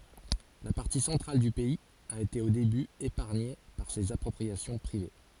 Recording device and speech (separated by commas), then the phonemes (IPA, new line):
forehead accelerometer, read sentence
la paʁti sɑ̃tʁal dy pɛiz a ete o deby epaʁɲe paʁ sez apʁɔpʁiasjɔ̃ pʁive